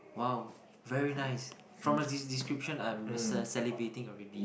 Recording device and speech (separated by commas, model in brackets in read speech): boundary microphone, conversation in the same room